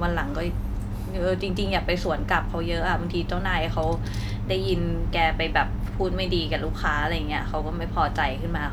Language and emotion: Thai, neutral